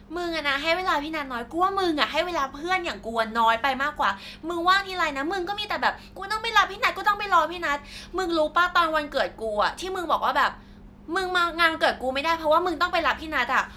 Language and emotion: Thai, frustrated